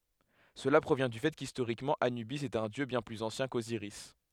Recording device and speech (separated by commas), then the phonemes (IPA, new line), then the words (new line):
headset microphone, read sentence
səla pʁovjɛ̃ dy fɛ kistoʁikmɑ̃ anybis ɛt œ̃ djø bjɛ̃ plyz ɑ̃sjɛ̃ koziʁis
Cela provient du fait qu'historiquement Anubis est un dieu bien plus ancien qu'Osiris.